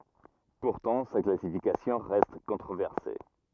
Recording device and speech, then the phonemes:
rigid in-ear microphone, read sentence
puʁtɑ̃ sa klasifikasjɔ̃ ʁɛst kɔ̃tʁovɛʁse

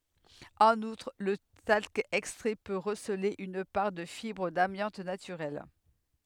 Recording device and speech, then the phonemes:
headset microphone, read sentence
ɑ̃n utʁ lə talk ɛkstʁɛ pø ʁəsəle yn paʁ də fibʁ damjɑ̃t natyʁɛl

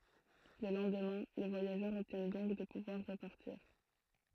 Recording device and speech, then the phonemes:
throat microphone, read sentence
lə lɑ̃dmɛ̃ le vwajaʒœʁz ɔbtjɛn dɔ̃k də puvwaʁ ʁəpaʁtiʁ

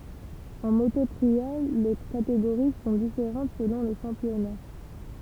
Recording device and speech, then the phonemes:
temple vibration pickup, read sentence
ɑ̃ moto tʁial le kateɡoʁi sɔ̃ difeʁɑ̃t səlɔ̃ lə ʃɑ̃pjɔna

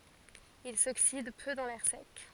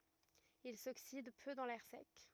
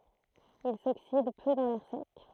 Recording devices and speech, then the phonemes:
forehead accelerometer, rigid in-ear microphone, throat microphone, read sentence
il soksid pø dɑ̃ lɛʁ sɛk

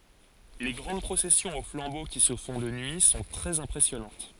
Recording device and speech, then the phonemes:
forehead accelerometer, read sentence
le ɡʁɑ̃d pʁosɛsjɔ̃z o flɑ̃bo ki sə fɔ̃ də nyi sɔ̃ tʁɛz ɛ̃pʁɛsjɔnɑ̃t

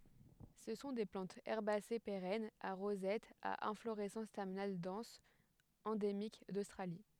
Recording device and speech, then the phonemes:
headset microphone, read sentence
sə sɔ̃ de plɑ̃tz ɛʁbase peʁɛnz a ʁozɛt a ɛ̃floʁɛsɑ̃s tɛʁminal dɑ̃s ɑ̃demik dostʁali

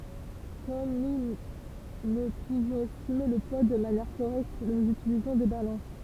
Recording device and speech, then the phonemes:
temple vibration pickup, read sentence
kɔm nu nə puvɔ̃z ɛstime lə pwa də manjɛʁ koʁɛkt nuz ytilizɔ̃ de balɑ̃s

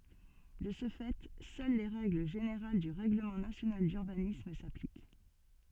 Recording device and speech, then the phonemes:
soft in-ear microphone, read sentence
də sə fɛ sœl le ʁɛɡl ʒeneʁal dy ʁɛɡləmɑ̃ nasjonal dyʁbanism saplik

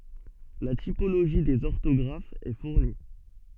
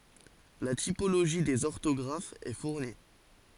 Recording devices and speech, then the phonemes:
soft in-ear microphone, forehead accelerometer, read sentence
la tipoloʒi dez ɔʁtɔɡʁafz ɛ fuʁni

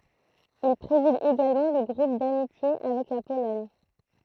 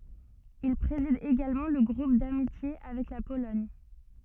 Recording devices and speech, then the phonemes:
throat microphone, soft in-ear microphone, read sentence
il pʁezid eɡalmɑ̃ lə ɡʁup damitje avɛk la polɔɲ

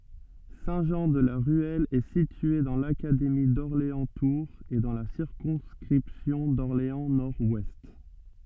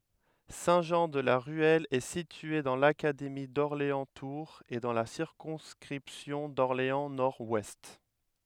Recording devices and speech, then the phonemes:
soft in-ear microphone, headset microphone, read sentence
sɛ̃tʒɑ̃dlaʁyɛl ɛ sitye dɑ̃ lakademi dɔʁleɑ̃stuʁz e dɑ̃ la siʁkɔ̃skʁipsjɔ̃ dɔʁleɑ̃snɔʁdwɛst

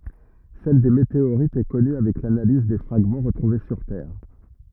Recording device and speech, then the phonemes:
rigid in-ear microphone, read sentence
sɛl de meteoʁitz ɛ kɔny avɛk lanaliz de fʁaɡmɑ̃ ʁətʁuve syʁ tɛʁ

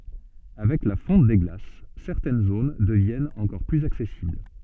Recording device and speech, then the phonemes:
soft in-ear microphone, read sentence
avɛk la fɔ̃t de ɡlas sɛʁtɛn zon dəvjɛnt ɑ̃kɔʁ plyz aksɛsibl

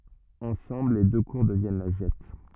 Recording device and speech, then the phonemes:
rigid in-ear microphone, read sentence
ɑ̃sɑ̃bl le dø kuʁ dəvjɛn la ʒɛt

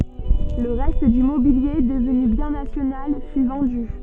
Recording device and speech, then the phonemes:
soft in-ear microphone, read sentence
lə ʁɛst dy mobilje dəvny bjɛ̃ nasjonal fy vɑ̃dy

